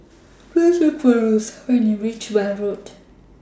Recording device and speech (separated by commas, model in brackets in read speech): standing microphone (AKG C214), read sentence